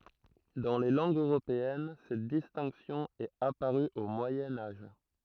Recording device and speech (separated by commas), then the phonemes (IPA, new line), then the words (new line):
throat microphone, read sentence
dɑ̃ le lɑ̃ɡz øʁopeɛn sɛt distɛ̃ksjɔ̃ ɛt apaʁy o mwajɛ̃ aʒ
Dans les langues européennes, cette distinction est apparue au Moyen Âge.